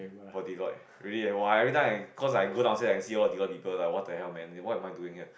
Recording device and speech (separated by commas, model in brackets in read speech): boundary microphone, conversation in the same room